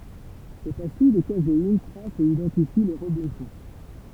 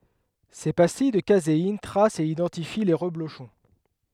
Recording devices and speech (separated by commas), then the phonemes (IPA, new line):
temple vibration pickup, headset microphone, read sentence
se pastij də kazein tʁast e idɑ̃tifi le ʁəbloʃɔ̃